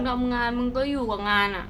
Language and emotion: Thai, frustrated